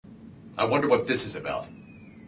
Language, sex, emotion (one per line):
English
male
disgusted